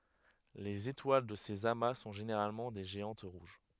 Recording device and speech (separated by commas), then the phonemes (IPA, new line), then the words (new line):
headset microphone, read sentence
lez etwal də sez ama sɔ̃ ʒeneʁalmɑ̃ de ʒeɑ̃t ʁuʒ
Les étoiles de ces amas sont généralement des géantes rouges.